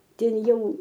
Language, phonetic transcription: Lithuanian, ˈten ˈjau

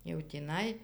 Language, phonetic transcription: Lithuanian, jau tįˈnai

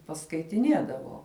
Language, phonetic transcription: Lithuanian, paskaitiˈniedavo

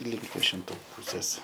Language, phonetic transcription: Lithuanian, link viešinˈtų ˈpūsės

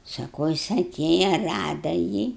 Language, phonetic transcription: Lithuanian, saˈkau ˈjis aˈtėja ˈrada jį

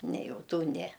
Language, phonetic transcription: Lithuanian, ne ˈjau ˈtų ˈne

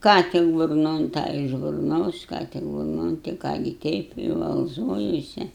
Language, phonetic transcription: Lithuanian, ˈką tik burˈnon ˈtą iš burˈnos ˈką tik burˈnon ti ˈką gi ˈteip i valˈzojuose

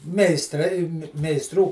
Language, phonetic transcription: Lithuanian, meisˈtrai meisˈtrų

